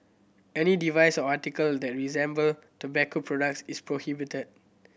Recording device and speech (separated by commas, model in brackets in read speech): boundary microphone (BM630), read sentence